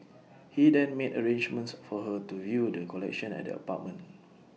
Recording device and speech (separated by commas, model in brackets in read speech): mobile phone (iPhone 6), read sentence